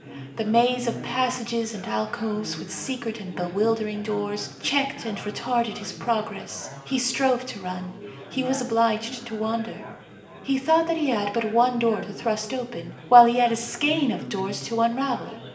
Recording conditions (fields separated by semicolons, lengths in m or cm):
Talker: one person; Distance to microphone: 1.8 m; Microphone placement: close; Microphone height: 1.0 m; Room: large; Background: babble